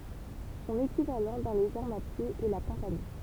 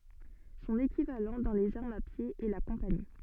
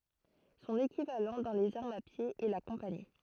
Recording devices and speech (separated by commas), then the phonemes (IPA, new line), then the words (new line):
temple vibration pickup, soft in-ear microphone, throat microphone, read sentence
sɔ̃n ekivalɑ̃ dɑ̃ lez aʁmz a pje ɛ la kɔ̃pani
Son équivalent dans les armes à pied est la compagnie.